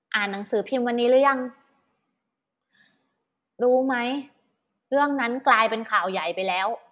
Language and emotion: Thai, neutral